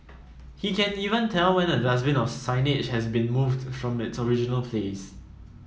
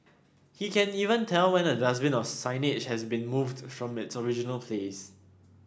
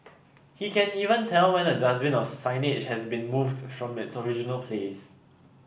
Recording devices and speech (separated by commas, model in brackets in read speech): mobile phone (iPhone 7), standing microphone (AKG C214), boundary microphone (BM630), read sentence